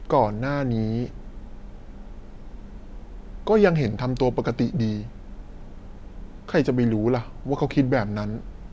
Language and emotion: Thai, neutral